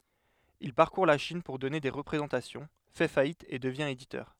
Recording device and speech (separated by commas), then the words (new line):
headset microphone, read sentence
Il parcourt la Chine pour donner des représentations, fait faillite et devient éditeur.